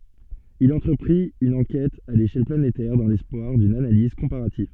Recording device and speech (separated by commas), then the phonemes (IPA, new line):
soft in-ear microphone, read sentence
il ɑ̃tʁəpʁit yn ɑ̃kɛt a leʃɛl planetɛʁ dɑ̃ lɛspwaʁ dyn analiz kɔ̃paʁativ